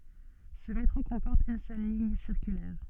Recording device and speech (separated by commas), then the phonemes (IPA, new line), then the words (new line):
soft in-ear microphone, read sentence
sə metʁo kɔ̃pɔʁt yn sœl liɲ siʁkylɛʁ
Ce métro comporte une seule ligne circulaire.